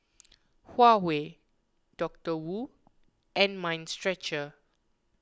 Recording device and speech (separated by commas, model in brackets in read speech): close-talking microphone (WH20), read sentence